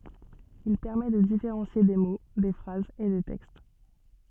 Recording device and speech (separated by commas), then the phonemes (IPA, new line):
soft in-ear microphone, read sentence
il pɛʁmɛ də difeʁɑ̃sje de mo de fʁazz e de tɛkst